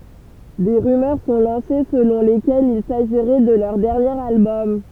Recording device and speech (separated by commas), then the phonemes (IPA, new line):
temple vibration pickup, read sentence
de ʁymœʁ sɔ̃ lɑ̃se səlɔ̃ lekɛlz il saʒiʁɛ də lœʁ dɛʁnjeʁ albɔm